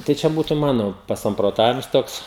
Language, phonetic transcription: Lithuanian, tai ˈčia ˈbūtu ˈmano pasamproˈtavims ˈtoks

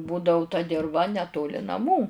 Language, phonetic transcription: Lithuanian, ˈbūdau ta dirˈva neˈtoli naˈmų

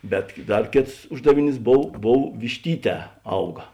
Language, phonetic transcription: Lithuanian, ˈbet ˈdar ˈkėts ˈuždaviˌnys ˈbov ˈbov višˈtyˌtē ˈauga

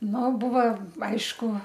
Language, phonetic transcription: Lithuanian, ˈnu ˈbuvo ˈaišku

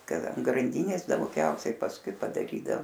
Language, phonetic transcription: Lithuanian, ˈkad an granˈdynės dauˈgiausiai pasˈkui padaˈrydao

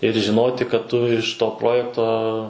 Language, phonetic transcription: Lithuanian, ir žiˈnoti kad ˈtu iš ˈto ˈprojekto

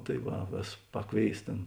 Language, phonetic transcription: Lithuanian, tai ˈva ˈvės ˈpaˌkvėis ˈtėn

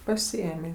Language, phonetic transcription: Lithuanian, paˈsiėmė

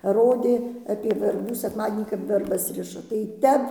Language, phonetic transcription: Lithuanian, ˈrodė apie verˈbų sekˈmadienį kap verˈbas ˈriša tai ˈtep

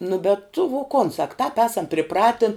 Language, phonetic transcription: Lithuanian, nu bet tu vo kon sak tāp ˈesam priˈpratin

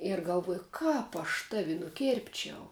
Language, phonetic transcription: Lithuanian, ir galˈvuoju ˈkāp aš ˈtavi nuˈkėrpčiau

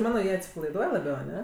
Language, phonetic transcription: Lithuanian, ˈmano ˈjie atsipalaiˈduoj laˈbiau aˈne

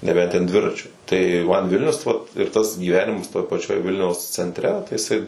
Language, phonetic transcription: Lithuanian, neˈbent ten ˈdviračiu tai man ˈvilnius vat ir ˈtas gyˈvenimas toj paˈčioj ˈvilniaus centˈre tai jiˈsai

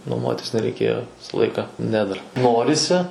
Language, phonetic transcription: Lithuanian, nuoˈmuotis nereiˈkėjo ˈvisa ˈlaika ˈne dar ˈnorisi

